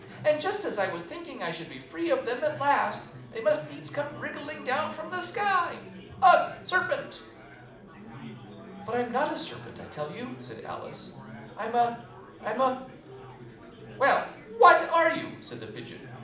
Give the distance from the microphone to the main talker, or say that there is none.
2.0 m.